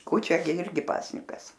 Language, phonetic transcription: Lithuanian, ˈkūčia gi ˈirgi ˈpasnikas

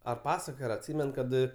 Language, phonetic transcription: Lithuanian, ar ˈpasakojo ar atˈsymen ˈkad

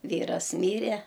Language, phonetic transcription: Lithuanian, ˈvyras ˈmyre

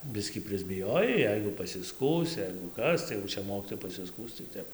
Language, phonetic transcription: Lithuanian, ˈbiskį prisbiˈjojai ˈjeigu pasiˈskųs ˈjeigu ˈkas tai jau ˈčia ˈmokytojai pasiˈskųs tai ˈtep

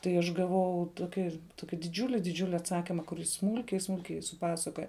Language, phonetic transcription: Lithuanian, tai ˈaš gaˈvau ˈtoki ˈtoki diˈdžiuli diˈdžiuli atˈsakyma kur ˈjis ˈsmūlkiai ˈsmūlkiai suˈpasakoja

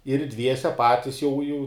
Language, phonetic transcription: Lithuanian, ir ˈdviese ˈpatis jau jau

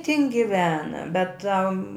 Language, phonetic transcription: Lithuanian, tin giˈvena bet tam

